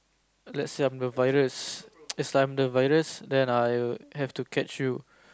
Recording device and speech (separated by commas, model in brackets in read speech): close-talking microphone, conversation in the same room